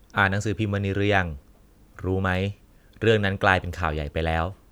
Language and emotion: Thai, neutral